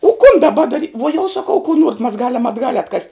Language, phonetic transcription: Lithuanian, o kun daˈba daˈri vuo jau saˈkau ku ˈnuoret' mas ˈgalem atˈgal' atˈkast'

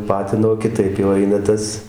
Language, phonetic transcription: Lithuanian, ˈpatino kiˈtaip jau ˈaina ˈtas

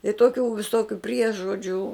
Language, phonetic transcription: Lithuanian, i ˈtokių viˈsokiu ˈpriežodžių

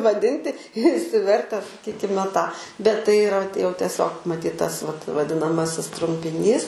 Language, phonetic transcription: Lithuanian, vaˈdinti išsiˈverte saˈkykime tą bet tai yˈra jau tieˈsiog maˈtyt ˈtas vat vadinaˈmasis trumpiˈnys

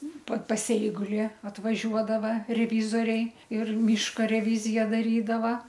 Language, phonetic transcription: Lithuanian, pa pas ˈeiguli atvaˈžiuodava reˈvyzoriai ir ˈmyška reˈvyzija daˈrydava

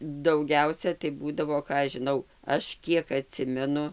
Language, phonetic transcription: Lithuanian, dauˈgiausia tai ˈbūdavo ˈką aš žiˈnau ˈaš ˈkiek aˈtsimenu

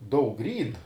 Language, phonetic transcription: Lithuanian, ˈdaug ˈryn

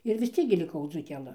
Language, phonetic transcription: Lithuanian, ir vis ˈciek gi liˈkau dzūkeˈlɨ

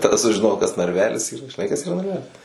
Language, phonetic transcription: Lithuanian, ˈtada sužiˈnojau kas narˈvelis ˈyra žiˈnai kas yˈra narˈvelis

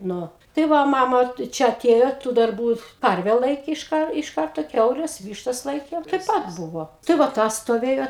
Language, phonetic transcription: Lithuanian, ˈnu tai ˈva ˈmama tai ˈčia aˈtėjo tų darˈbų ˈkarve ˈlaikė iš ˈkar iš ˈkarto ˈkiaules ˈvyštas ˈlaikėm tai ˈpat ˈbuvo tai va ˈtas stoˈvėjo

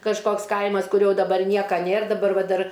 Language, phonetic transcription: Lithuanian, kažˈkoks ˈkaimas kuˈrio daˈbar ˈnieka ˈnėr daˈbar ˈva ˈdar

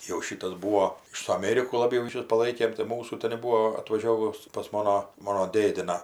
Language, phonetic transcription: Lithuanian, jau ˈšytas ˈbūo ir su aˈmėriku laˈbiau ryˈšius paˈlaikėm tai ˈmūsų ten' ˈbūo atvaˈžiovus pas ˈmono ˈmono ˈdėdiną

